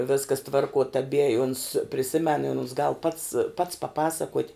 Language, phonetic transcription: Lithuanian, ˈviskas ˈtvarkuo taˈbie i uns priˈsimen i uns gal pats pats paˈpasakuot'

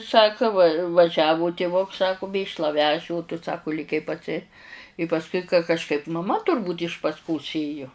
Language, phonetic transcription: Lithuanian, ˈsaka va vaˈžiavu tiˈvuks ˈsaku ˈmėšla ˈveži o tu ˈsaku lėˈkei paˈsi i pasˈkui ka kažˈkaip maˈma turˈbūt' iš pas'ˈkos ˈėju

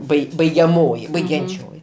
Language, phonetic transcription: Lithuanian, ˈbai baigiaˈmoji baigianˈčioji

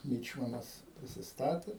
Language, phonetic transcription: Lithuanian, ˈmyčmanas prisisˈtatė

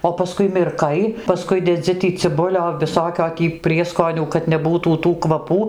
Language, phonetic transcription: Lithuanian, o paˈskui mirˈkai paˈskui deˈdzi tį ciˈbulio viˈsokio tį ˈprieskonių kad neˈbūtų tų kvaˈpų

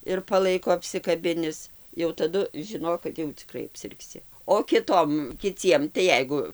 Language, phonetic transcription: Lithuanian, ir paˈlaiko apsikaˈbinis jau taˈdu žiˈnok kad jau ciˈkrai apsirgˈsi o kiˈtom kiˈciem tai ˈjeigu

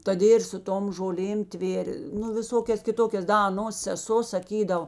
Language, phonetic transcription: Lithuanian, toˈdė ir su ˈtom žoˈlėm ˈtvėr' nu viˈsokias kiˈtokias ˈda aˈnos seˈso saˈkydavo

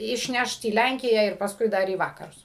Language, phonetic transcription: Lithuanian, išˈnešt į ˈlænkiją ir pasˈkui ˈdar į ˈvakarus

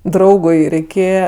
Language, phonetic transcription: Lithuanian, ˈdraugui reiˈkėje

